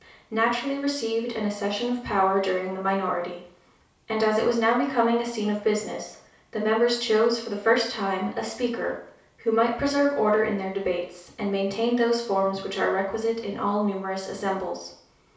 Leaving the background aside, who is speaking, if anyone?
One person.